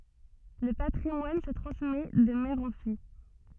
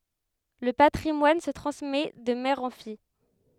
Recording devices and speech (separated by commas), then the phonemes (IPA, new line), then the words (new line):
soft in-ear microphone, headset microphone, read sentence
lə patʁimwan sə tʁɑ̃smɛ də mɛʁ ɑ̃ fij
Le patrimoine se transmet de mère en fille.